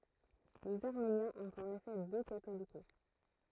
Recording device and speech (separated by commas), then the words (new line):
throat microphone, read sentence
Les Arméniens ont en effet deux Catholicos.